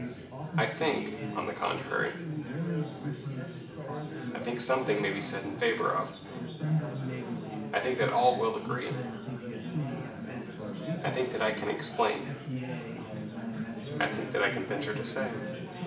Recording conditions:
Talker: one person; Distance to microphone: 1.8 m; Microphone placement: close; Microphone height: 1.0 m; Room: large; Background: babble

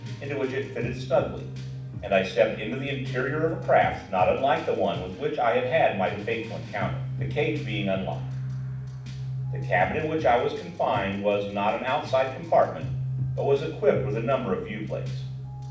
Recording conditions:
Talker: one person; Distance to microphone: 5.8 m; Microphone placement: far; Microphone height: 1.8 m; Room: medium-sized (5.7 m by 4.0 m); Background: music

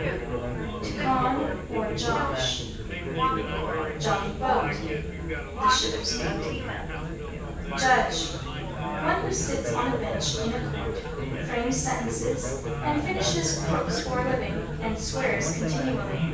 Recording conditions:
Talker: one person; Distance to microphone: 9.8 m; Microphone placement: far; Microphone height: 1.8 m; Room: large; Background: babble

